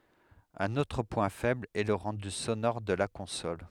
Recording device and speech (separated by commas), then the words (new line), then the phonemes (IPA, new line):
headset microphone, read sentence
Un autre point faible est le rendu sonore de la console.
œ̃n otʁ pwɛ̃ fɛbl ɛ lə ʁɑ̃dy sonɔʁ də la kɔ̃sɔl